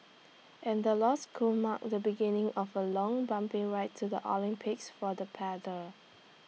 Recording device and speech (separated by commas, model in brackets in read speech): mobile phone (iPhone 6), read sentence